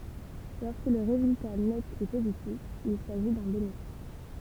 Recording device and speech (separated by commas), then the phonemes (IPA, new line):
temple vibration pickup, read sentence
lɔʁskə lə ʁezylta nɛt ɛ pozitif il saʒi dœ̃ benefis